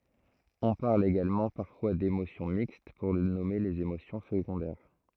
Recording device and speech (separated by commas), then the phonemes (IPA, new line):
throat microphone, read sentence
ɔ̃ paʁl eɡalmɑ̃ paʁfwa demosjɔ̃ mikst puʁ nɔme lez emosjɔ̃ səɡɔ̃dɛʁ